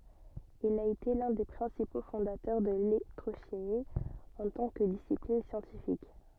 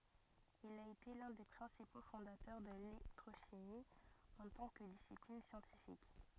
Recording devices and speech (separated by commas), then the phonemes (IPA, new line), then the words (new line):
soft in-ear microphone, rigid in-ear microphone, read sentence
il a ete lœ̃ de pʁɛ̃sipo fɔ̃datœʁ də lelɛktʁoʃimi ɑ̃ tɑ̃ kə disiplin sjɑ̃tifik
Il a été l'un des principaux fondateurs de l'électrochimie en tant que discipline scientifique.